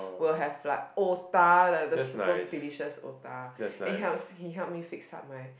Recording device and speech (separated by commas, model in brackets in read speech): boundary microphone, conversation in the same room